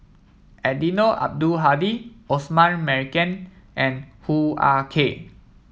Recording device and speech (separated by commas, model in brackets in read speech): mobile phone (iPhone 7), read sentence